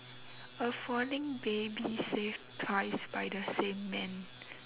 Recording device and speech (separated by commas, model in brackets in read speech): telephone, conversation in separate rooms